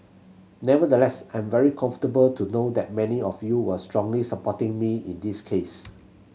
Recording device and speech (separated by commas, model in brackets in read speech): mobile phone (Samsung C7100), read sentence